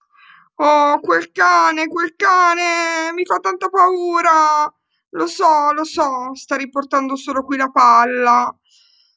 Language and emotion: Italian, fearful